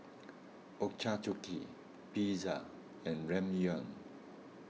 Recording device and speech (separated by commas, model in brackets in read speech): mobile phone (iPhone 6), read sentence